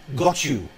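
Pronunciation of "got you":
In 'got you', 'you' is said with a weak u vowel.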